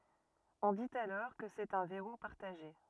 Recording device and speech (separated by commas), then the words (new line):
rigid in-ear microphone, read sentence
On dit alors que c'est un verrou partagé.